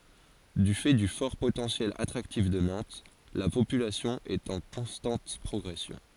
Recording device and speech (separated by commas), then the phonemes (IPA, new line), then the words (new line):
forehead accelerometer, read sentence
dy fɛ dy fɔʁ potɑ̃sjɛl atʁaktif də nɑ̃t la popylasjɔ̃ ɛt ɑ̃ kɔ̃stɑ̃t pʁɔɡʁɛsjɔ̃
Du fait du fort potentiel attractif de Nantes, la population est en constante progression.